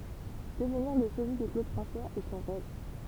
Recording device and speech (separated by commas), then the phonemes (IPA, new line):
temple vibration pickup, read sentence
dəvniʁ lə sozi də klod fʁɑ̃swaz ɛ sɔ̃ ʁɛv